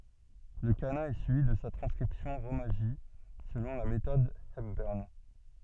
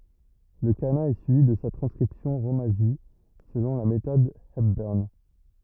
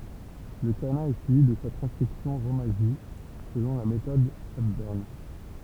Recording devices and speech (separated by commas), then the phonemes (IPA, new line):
soft in-ear microphone, rigid in-ear microphone, temple vibration pickup, read sentence
lə kana ɛ syivi də sa tʁɑ̃skʁipsjɔ̃ ʁomaʒi səlɔ̃ la metɔd ɛpbœʁn